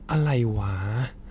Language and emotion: Thai, frustrated